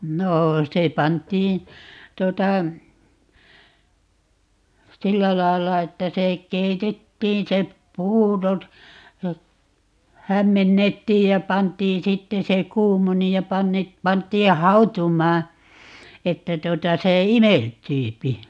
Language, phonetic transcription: Finnish, 'noo 'se 'pant̀iin̬ , 'tuota , "sillä 'lailla 'että se , 'keitettiin se , "puuro(t) , ja , 'hämmennettiij ja 'pant̀iin - "sitte se "kuumoni ja 'panne- , 'pant̀ii "hau̬tum̀aa , 'että 'tuota 'se "imeltyypi .
- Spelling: no se pantiin tuota sillä lailla että se keitettiin se puuro ja hämmennettiin ja pantiin sitten se kuumeni ja - pantiin hautumaan että tuota se imeltyy

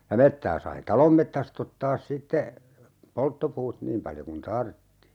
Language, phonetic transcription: Finnish, ja 'mettää sai "talom mettäst ‿ottaas sitte , 'polttopuut "niim paljo kun "tartti .
- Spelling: ja metsää sai talon metsästä ottaa sitten polttopuut niin paljon kuin tarvitsi

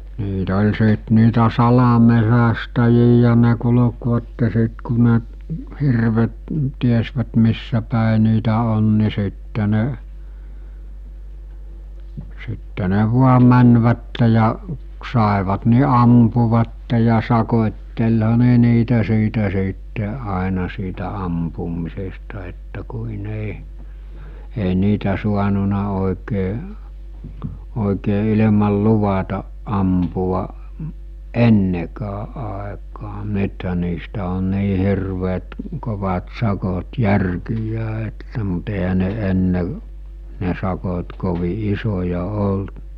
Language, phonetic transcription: Finnish, niit ‿ol̜ sìt niitä 'salamesästäjijä ne kulᵒkvatte sit ku ne , hirvet , 'tiesvät missäpä̀e niitä 'on ni sitte ne , sitte ne vua 'mänvätte ja , k- sàevat ni 'ampuvatte ja 'sakot́telha 'ne niitä siitä siitte àena siitä 'ampum̆misesta että kuin ‿ei , ei 'niitä 'suanuna òekee , òekee ilemal 'luvataˀ ˀampu₍a , "ennekää ˀaekaa , 'nythä niistä on 'nii 'hirveet , 'kovat 'sakot "järkij̀ää että mut ehä ne 'enne , ne 'sakot kovi 'isoja 'olt .
- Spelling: niitä oli sitten niitä salametsästäjiä ne kulkivat sitten kun ne hirvet tiesivät missäpäin niitä on niin sitten ne sitten ne vain menivät ja - saivat niin ampuivat ja sakottelihan ne niitä siitä sitten aina siitä ampumisesta että kuin ei ei niitä saanut oikein oikein ilman luvatta ampua ennenkään aikaan nythän niistä on niin hirveät kovat sakot järkiään että mutta eihän ne ennen ne sakot kovin isoja ollut

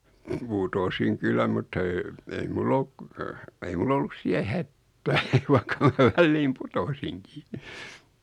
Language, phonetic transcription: Finnish, 'putosiŋ "kyllä mutta ee , 'ei 'mull ‿oluk , 'ei mul ‿ollus 'siä "hättää vaikka mä 'välliim "putosiŋkii .
- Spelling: putosin kyllä mutta ei ei minulla ollut ei minulla ollut siellä hätää vaikka minä väliin putosinkin

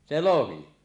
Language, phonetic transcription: Finnish, 'se "lohi .
- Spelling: se lohi

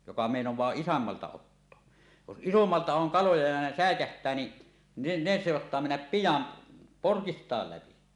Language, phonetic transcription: Finnish, joka 'mèinoẁaa "isommalta 'ottoa , jos "ˀisommalta oŋ 'kaloja ja ne "sä̀ekäht̀ää ni , ne , 'ne soattaa mennäp "pijam̳ , "porkist̀àel läpi .
- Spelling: joka meinaa isommalta ottaa jos isommalta on kaloja ja ne säikähtää niin ne ne saattaa mennä pian porkista läpi

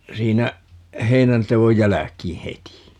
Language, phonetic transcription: Finnish, 'siinä , 'heinäntevoj "jäläk̀ii 'heti .
- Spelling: siinä heinänteon jälkeen heti

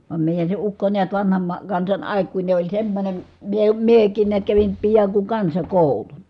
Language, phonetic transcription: Finnish, vam mèijän se ukko niät vanham ma- , kansan àikkuine oĺ semmońem , miə- miek̆kiin niät kävin , piaŋ ku kansakòuluN .
- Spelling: vaan meidän se ukko näet vanhan - kansan aikuinen oli semmoinen - minäkin näet kävin pian kun kansakoulun

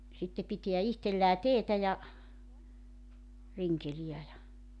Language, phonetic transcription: Finnish, sitte pitiä 'ihtellää "teetä ja , 'riŋkelijä ja ,.
- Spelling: sitten pitää itsellään teetä ja rinkeleitä ja

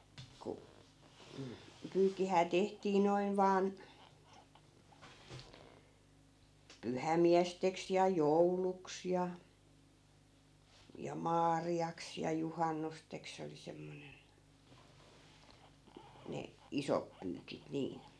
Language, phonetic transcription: Finnish, ku , m̥ , 'pyykkihää 'tehtii 'noin vaan , "pyhämiästeks ja "jouluks ja , ja "maari₍aks ja 'juhannusteks 'se oli 'semmonen , 'ne , "isop pyykit 'niin .
- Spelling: kun mm pyykkihän tehtiin noin vain pyhämiesteksi ja jouluksi ja ja maariaksi ja juhannukseksi se oli semmoinen ne isot pyykit niin

